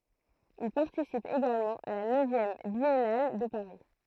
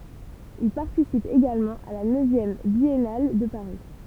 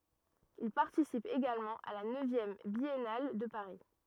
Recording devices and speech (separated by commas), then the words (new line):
throat microphone, temple vibration pickup, rigid in-ear microphone, read sentence
Il participe également à la neuvième Biennale de Paris.